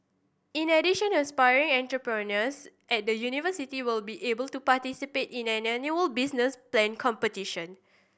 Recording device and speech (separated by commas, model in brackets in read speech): boundary microphone (BM630), read sentence